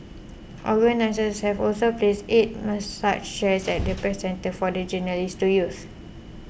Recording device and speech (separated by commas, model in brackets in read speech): boundary microphone (BM630), read sentence